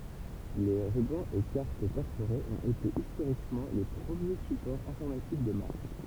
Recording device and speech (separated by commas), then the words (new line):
temple vibration pickup, read sentence
Les rubans et cartes perforées ont été historiquement les premiers supports informatiques de masse.